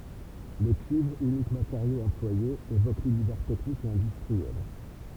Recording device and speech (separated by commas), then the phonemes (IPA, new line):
temple vibration pickup, read sentence
lə kyivʁ ynik mateʁjo ɑ̃plwaje evok lynivɛʁ tɛknik e ɛ̃dystʁiɛl